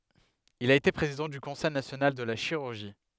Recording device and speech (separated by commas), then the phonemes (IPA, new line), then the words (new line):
headset microphone, read sentence
il a ete pʁezidɑ̃ dy kɔ̃sɛj nasjonal də la ʃiʁyʁʒi
Il a été président du Conseil national de la chirurgie.